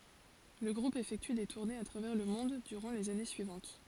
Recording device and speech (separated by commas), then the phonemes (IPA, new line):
forehead accelerometer, read sentence
lə ɡʁup efɛkty de tuʁnez a tʁavɛʁ lə mɔ̃d dyʁɑ̃ lez ane syivɑ̃t